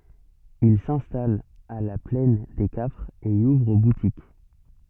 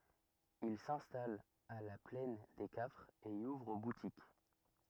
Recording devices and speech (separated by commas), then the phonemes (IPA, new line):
soft in-ear microphone, rigid in-ear microphone, read sentence
il sɛ̃stalt a la plɛn de kafʁz e i uvʁ butik